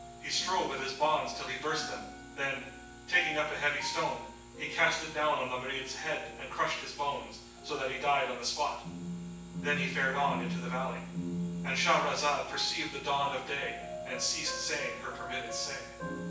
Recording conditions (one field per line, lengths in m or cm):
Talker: one person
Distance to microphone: 9.8 m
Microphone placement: far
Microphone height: 1.8 m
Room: large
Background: music